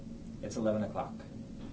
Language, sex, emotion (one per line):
English
male
neutral